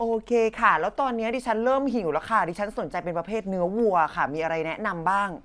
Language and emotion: Thai, neutral